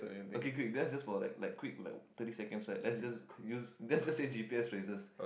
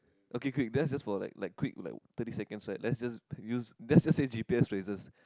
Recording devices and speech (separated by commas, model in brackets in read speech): boundary microphone, close-talking microphone, conversation in the same room